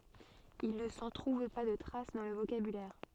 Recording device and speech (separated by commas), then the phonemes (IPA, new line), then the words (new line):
soft in-ear microphone, read sentence
il nə sɑ̃ tʁuv pa də tʁas dɑ̃ lə vokabylɛʁ
Il ne s'en trouve pas de trace dans le vocabulaire.